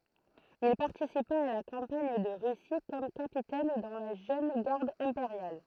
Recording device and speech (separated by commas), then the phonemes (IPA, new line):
throat microphone, read sentence
il paʁtisipa a la kɑ̃paɲ də ʁysi kɔm kapitɛn dɑ̃ la ʒøn ɡaʁd ɛ̃peʁjal